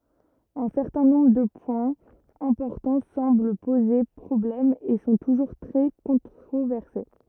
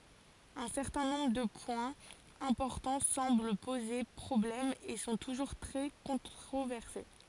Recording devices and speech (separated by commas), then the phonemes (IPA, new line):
rigid in-ear microphone, forehead accelerometer, read sentence
œ̃ sɛʁtɛ̃ nɔ̃bʁ də pwɛ̃z ɛ̃pɔʁtɑ̃ sɑ̃bl poze pʁɔblɛm e sɔ̃ tuʒuʁ tʁɛ kɔ̃tʁovɛʁse